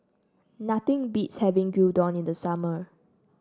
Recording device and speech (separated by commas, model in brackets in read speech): standing microphone (AKG C214), read sentence